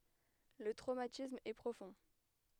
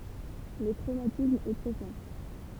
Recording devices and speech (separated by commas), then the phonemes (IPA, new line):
headset microphone, temple vibration pickup, read sentence
lə tʁomatism ɛ pʁofɔ̃